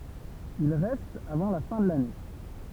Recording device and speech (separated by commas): temple vibration pickup, read sentence